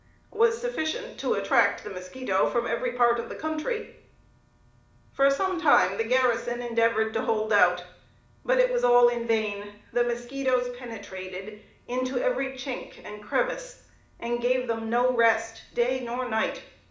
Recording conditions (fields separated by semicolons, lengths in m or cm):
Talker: one person; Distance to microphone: 2.0 m; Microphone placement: close; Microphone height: 99 cm; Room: medium-sized (5.7 m by 4.0 m); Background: none